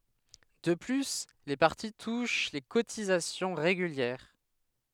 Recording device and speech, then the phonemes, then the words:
headset microphone, read sentence
də ply le paʁti tuʃ le kotizasjɔ̃ ʁeɡyljɛʁ
De plus, les partis touchent les cotisations régulières.

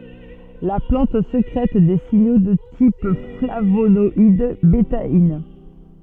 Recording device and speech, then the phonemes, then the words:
soft in-ear microphone, read sentence
la plɑ̃t sekʁɛt de siɲo də tip flavonɔid betain
La plante sécrète des signaux de type flavonoïdes, bétaïnes.

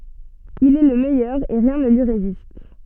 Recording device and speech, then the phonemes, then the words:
soft in-ear microphone, read sentence
il ɛ lə mɛjœʁ e ʁjɛ̃ nə lyi ʁezist
Il est le meilleur et rien ne lui résiste.

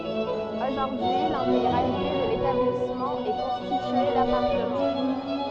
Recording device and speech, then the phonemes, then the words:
soft in-ear microphone, read sentence
oʒuʁdyi lɛ̃teɡʁalite də letablismɑ̃ ɛ kɔ̃stitye dapaʁtəmɑ̃
Aujourd'hui l'intégralité de l'établissement est constitué d'appartements.

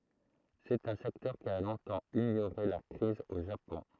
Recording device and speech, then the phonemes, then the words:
throat microphone, read sentence
sɛt œ̃ sɛktœʁ ki a lɔ̃tɑ̃ iɲoʁe la kʁiz o ʒapɔ̃
C'est un secteur qui a longtemps ignoré la crise au Japon.

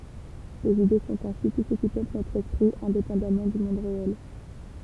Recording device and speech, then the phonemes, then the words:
temple vibration pickup, read sentence
lez ide sɔ̃t ɛ̃si tu sə ki pøpl notʁ ɛspʁi ɛ̃depɑ̃damɑ̃ dy mɔ̃d ʁeɛl
Les idées sont ainsi tout ce qui peuple notre esprit, indépendamment du monde réel.

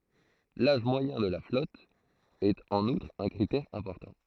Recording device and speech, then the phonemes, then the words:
throat microphone, read sentence
laʒ mwajɛ̃ də la flɔt ɛt ɑ̃n utʁ œ̃ kʁitɛʁ ɛ̃pɔʁtɑ̃
L'âge moyen de la flotte est en outre un critère important.

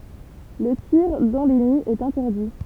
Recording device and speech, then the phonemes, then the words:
temple vibration pickup, read sentence
lə tiʁ dɑ̃ le niz ɛt ɛ̃tɛʁdi
Le tir dans les nids est interdit.

